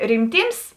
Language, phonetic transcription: Lithuanian, rimˈtyms

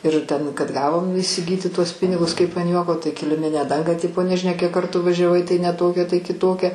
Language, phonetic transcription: Lithuanian, ir ˈten kad ˈgavom įsiˈgyti tuos ˈpinigus ˈkaip an ˈjuoko tai kiliˈminę ˈdangą ˈtipo nežiˈnia kiek ˈkartų vaˈžiavai tai ne ˈtokia tai kiˈtokia

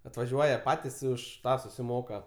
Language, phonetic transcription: Lithuanian, atvaˈžiuoja ˈpatis i ˈuž ˈtą susiˈmoka

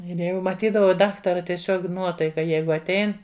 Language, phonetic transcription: Lithuanian, ˈir ˈjau maˈtydavau ˈdaktara tieˈsiog ˈnuotaika ˈjeigu atˈein

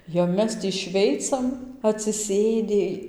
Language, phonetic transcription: Lithuanian, jau ˈmes tį ˈšveicam atsiˈsėdi

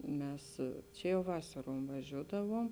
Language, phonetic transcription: Lithuanian, ˈmes ˈčia jau ˈvasaruom vaˈžiūdavuom

